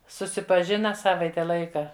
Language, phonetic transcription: Lithuanian, susipaˈžina ˈsavaite ˈlaika

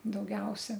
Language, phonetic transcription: Lithuanian, dauˈgiausia

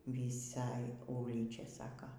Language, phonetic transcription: Lithuanian, vyˈsaj ˈūlyčia ˈsaka

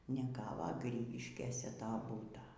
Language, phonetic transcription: Lithuanian, neˈgavo ˈgrygiškėse ˈto ˈbūto

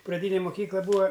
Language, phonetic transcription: Lithuanian, praˈdynė muˈkykla ˈbūa

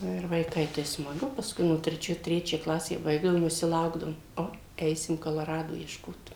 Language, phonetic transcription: Lithuanian, ˈnu ir vaiˈkai tai smaˈgu pasˈkui nu treˈčioj ˈtrečią ˈklasę ˈbaigdavom viˈsi ˈlaukdavom ˈo ˈeisim koloˈrado iešˈkot

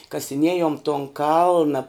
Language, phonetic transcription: Lithuanian, kasiˈniejom ton ˈkalna

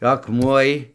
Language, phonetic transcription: Lithuanian, akˈmuoj

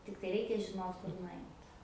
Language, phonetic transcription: Lithuanian, ˈtiktai ˈreikia žiˈnot kur nuˈait

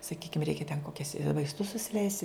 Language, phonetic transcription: Lithuanian, saˈkykim ˈreikia ten koˈkias vaisˈtus susiˈleist'

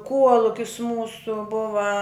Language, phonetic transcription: Lithuanian, ˈkuolukis ˈmūsu ˈbuva

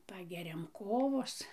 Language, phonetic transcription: Lithuanian, ˈpageriam ˈkovos

